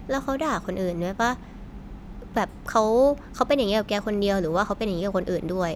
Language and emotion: Thai, neutral